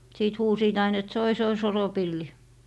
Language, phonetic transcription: Finnish, 'siit "huusiit ain ‿et » 'soi 'soi "soropilli » .
- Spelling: siitä huusivat aina että soi soi soropilli

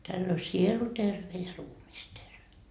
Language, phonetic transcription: Finnish, täll ‿o "sielu 'terve ja "ruumis 'terve .
- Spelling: tällä on sielu terve ja ruumis terve

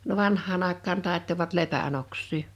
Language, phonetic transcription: Finnish, no "vanh̆haan ‿àek̆kaan 'tàettovat 'lepän ‿oks̆sii .
- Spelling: no vanhaan aikaan taittoivat lepän oksia

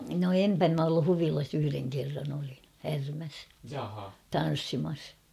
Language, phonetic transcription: Finnish, no "empä m ‿ollu 'Huvilas yhyreŋ kerran ‿olin̬ , 'Härmäs , "tan̬ssimas .
- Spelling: no en minä ollut Huvilassa yhden kerran olin Härmässä tanssimassa

